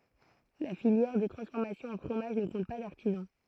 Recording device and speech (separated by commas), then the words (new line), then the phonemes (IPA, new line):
throat microphone, read sentence
La filière de transformation en fromage ne compte pas d'artisan.
la filjɛʁ də tʁɑ̃sfɔʁmasjɔ̃ ɑ̃ fʁomaʒ nə kɔ̃t pa daʁtizɑ̃